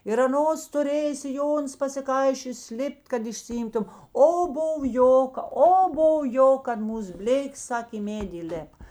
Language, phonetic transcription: Lithuanian, ir aˈnos tuˈrėjė siˈjonus pasiˈkaišiojos ˈlipˈt' kad išsiˈimtum ˈo ˈbuv ˈjoka o ˈbov ˈjok kad ˈmūs ˈblėkės ˈsak' i ˈmėdi įˈlėp

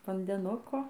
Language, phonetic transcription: Lithuanian, vandeˈnuko

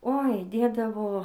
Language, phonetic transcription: Lithuanian, oi ˈdėdavo

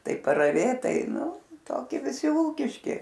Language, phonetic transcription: Lithuanian, ˈtai paraˈvėt ˈtai ˈtokie viˈsi ˈūkiški

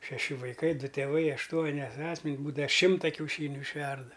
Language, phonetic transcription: Lithuanian, šeˈši vaiˈkai ˈdu tėˈvai ašˈtuoni ˈasmen's' ˈbūda ˈšimta kiauˈšyniu išˈverda

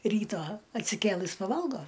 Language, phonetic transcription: Lithuanian, ˈrytą atsiˈkėlɨs paˈvalgo

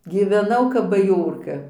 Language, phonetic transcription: Lithuanian, gyveˈnau kap baˈjorka

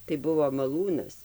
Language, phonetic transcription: Lithuanian, tai ˈbuvo maˈlūnas

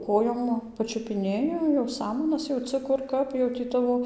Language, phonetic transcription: Lithuanian, ˈkojom pačiupiˈnėji jau ˈsamanas jauˈcɨ ˈkur ˈkap jau tį ˈtavo

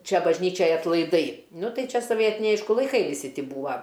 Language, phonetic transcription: Lithuanian, ˈčia bažˈnyčiaj atlaiˈdai ˈnu ˈtai ˈčia soˈvietiniai ˈaišku laiˈkai viˈsi ˈtį ˈbūva

